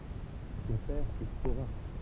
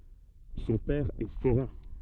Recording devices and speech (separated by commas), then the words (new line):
temple vibration pickup, soft in-ear microphone, read sentence
Son père est forain.